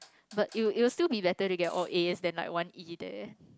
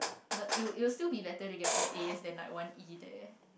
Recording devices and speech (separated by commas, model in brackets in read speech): close-talking microphone, boundary microphone, conversation in the same room